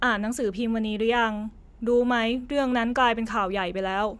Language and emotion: Thai, neutral